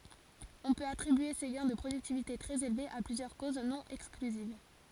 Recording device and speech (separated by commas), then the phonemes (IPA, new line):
forehead accelerometer, read sentence
ɔ̃ pøt atʁibye se ɡɛ̃ də pʁodyktivite tʁɛz elvez a plyzjœʁ koz nɔ̃ ɛksklyziv